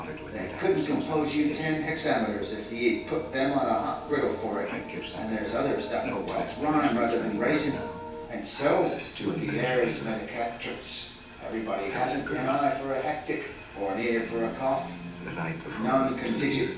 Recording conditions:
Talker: one person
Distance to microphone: 9.8 m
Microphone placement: far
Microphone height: 1.8 m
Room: large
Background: television

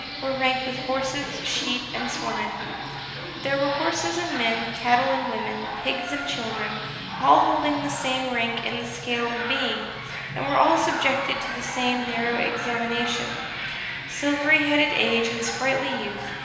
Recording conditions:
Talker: one person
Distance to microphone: 1.7 m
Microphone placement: close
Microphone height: 1.0 m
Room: very reverberant, large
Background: television

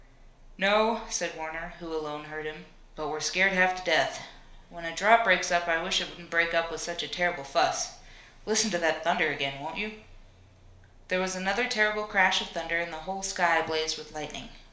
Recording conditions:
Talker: one person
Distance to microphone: 1.0 m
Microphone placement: close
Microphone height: 1.1 m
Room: small (3.7 m by 2.7 m)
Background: none

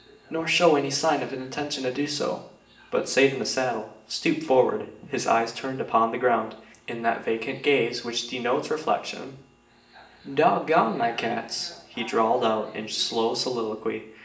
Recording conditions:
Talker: one person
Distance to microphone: 1.8 m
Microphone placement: close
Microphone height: 1.0 m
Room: large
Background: television

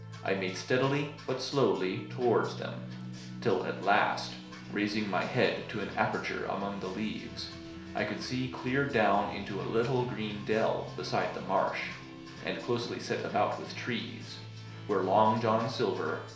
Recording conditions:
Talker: one person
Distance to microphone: 1.0 m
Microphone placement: close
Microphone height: 1.1 m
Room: small (3.7 m by 2.7 m)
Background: music

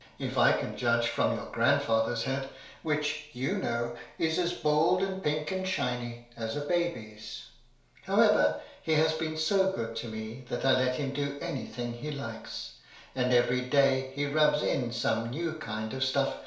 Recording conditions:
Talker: one person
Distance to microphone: 1.0 m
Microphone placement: close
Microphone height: 1.1 m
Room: small (3.7 m by 2.7 m)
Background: none

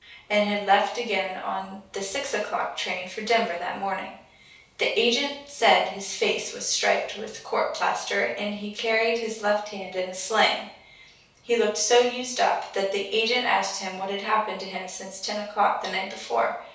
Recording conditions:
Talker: one person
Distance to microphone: 3.0 m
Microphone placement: far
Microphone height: 1.8 m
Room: small (3.7 m by 2.7 m)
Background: none

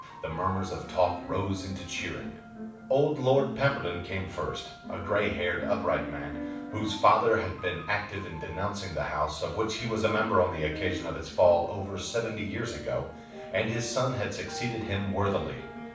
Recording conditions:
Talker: one person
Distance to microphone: 5.8 m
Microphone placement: far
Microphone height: 1.8 m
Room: medium-sized (5.7 m by 4.0 m)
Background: music

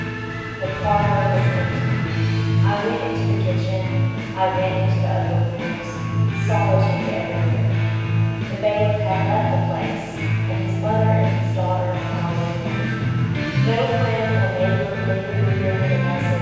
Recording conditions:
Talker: one person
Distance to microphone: 7.1 m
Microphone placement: far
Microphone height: 1.7 m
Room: very reverberant, large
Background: music

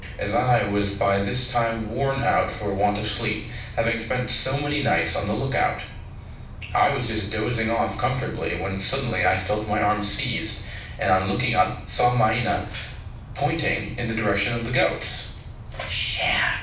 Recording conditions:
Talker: one person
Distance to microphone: 5.8 m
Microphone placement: far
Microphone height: 1.8 m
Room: medium-sized (5.7 m by 4.0 m)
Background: television

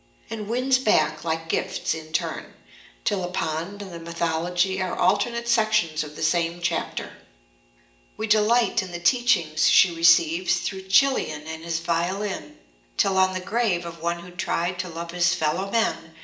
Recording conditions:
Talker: one person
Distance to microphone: 1.8 m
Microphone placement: close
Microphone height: 1.0 m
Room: large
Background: none

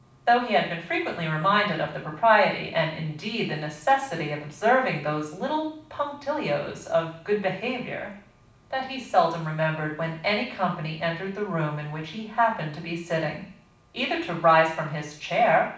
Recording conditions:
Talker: one person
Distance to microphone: 5.8 m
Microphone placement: far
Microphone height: 1.8 m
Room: medium-sized (5.7 m by 4.0 m)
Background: none

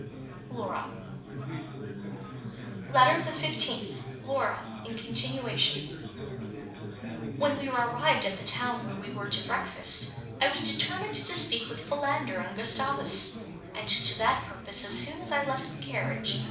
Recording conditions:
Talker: one person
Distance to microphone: 5.8 m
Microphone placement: far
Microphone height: 1.8 m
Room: medium-sized (5.7 m by 4.0 m)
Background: babble

